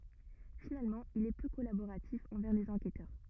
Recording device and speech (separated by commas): rigid in-ear microphone, read sentence